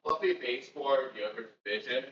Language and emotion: English, fearful